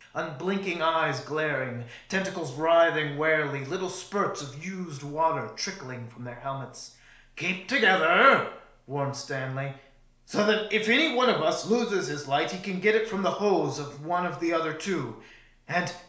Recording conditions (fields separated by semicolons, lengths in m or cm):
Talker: one person; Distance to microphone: 1.0 m; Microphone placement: close; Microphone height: 1.1 m; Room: small (3.7 m by 2.7 m); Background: none